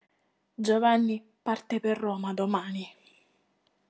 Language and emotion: Italian, angry